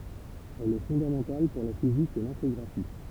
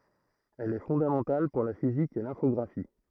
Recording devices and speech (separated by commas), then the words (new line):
temple vibration pickup, throat microphone, read sentence
Elle est fondamentale pour la physique et l'infographie.